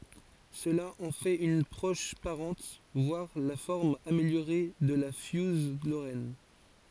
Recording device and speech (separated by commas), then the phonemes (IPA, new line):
forehead accelerometer, read sentence
səla ɑ̃ fɛt yn pʁɔʃ paʁɑ̃t vwaʁ la fɔʁm ameljoʁe də la fjuz loʁɛn